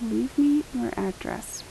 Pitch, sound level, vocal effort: 265 Hz, 77 dB SPL, soft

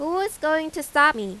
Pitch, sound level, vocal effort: 310 Hz, 93 dB SPL, loud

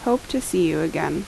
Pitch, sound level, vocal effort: 180 Hz, 79 dB SPL, normal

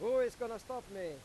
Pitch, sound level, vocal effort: 245 Hz, 104 dB SPL, loud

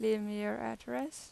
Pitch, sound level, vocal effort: 210 Hz, 87 dB SPL, normal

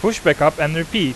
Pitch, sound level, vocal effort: 165 Hz, 93 dB SPL, loud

